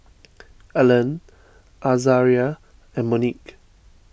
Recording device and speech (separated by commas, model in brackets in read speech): boundary microphone (BM630), read sentence